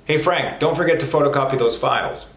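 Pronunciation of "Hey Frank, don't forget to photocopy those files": The whole sentence is said at normal speaking speed, and it is pretty fast.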